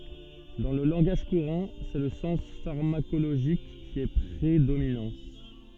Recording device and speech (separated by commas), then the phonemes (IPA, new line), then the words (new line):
soft in-ear microphone, read sentence
dɑ̃ lə lɑ̃ɡaʒ kuʁɑ̃ sɛ lə sɑ̃s faʁmakoloʒik ki ɛ pʁedominɑ̃
Dans le langage courant, c'est le sens pharmacologique qui est prédominant.